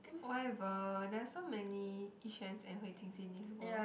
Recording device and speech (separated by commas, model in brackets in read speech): boundary microphone, conversation in the same room